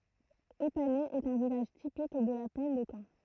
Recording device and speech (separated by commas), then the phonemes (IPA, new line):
throat microphone, read sentence
epanɛ ɛt œ̃ vilaʒ tipik də la plɛn də kɑ̃